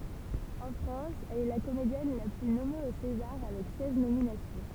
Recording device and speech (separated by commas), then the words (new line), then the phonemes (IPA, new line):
temple vibration pickup, read sentence
En France, elle est la comédienne la plus nommée aux Césars avec seize nominations.
ɑ̃ fʁɑ̃s ɛl ɛ la komedjɛn la ply nɔme o sezaʁ avɛk sɛz nominasjɔ̃